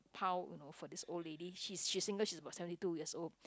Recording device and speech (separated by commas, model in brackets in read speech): close-talking microphone, conversation in the same room